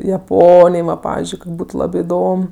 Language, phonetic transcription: Lithuanian, jaˈponij ˈva ˈpavizdžiui kok' ˈbūtu ˈlabi iˈdom

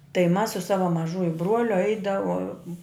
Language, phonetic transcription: Lithuanian, tai mas su ˈsava maˈžuju ˈbruoliu ˈaidavom

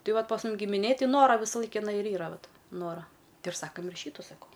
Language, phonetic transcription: Lithuanian, ˈtai ˈvat pas ˈmum gimiˈnėj ˈtai ˈnora visaˈlaik iˈnai ir ˈyra ˈvat ˈnora ˈtai ir ˈsakam ir ˈšytu saˈkau

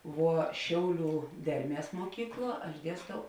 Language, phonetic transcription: Lithuanian, ˈvuo ˈšiauˌlių ˈderˌmies muoˈkykˌluo aš ˈdiestau

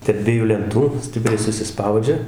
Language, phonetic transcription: Lithuanian, terp ˈdviejų lenˈtų ˈstipriai susiˈspaudžia

